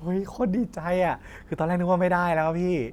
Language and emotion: Thai, happy